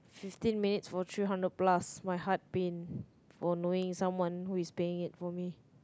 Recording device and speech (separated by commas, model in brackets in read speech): close-talking microphone, conversation in the same room